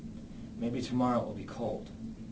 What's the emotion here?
sad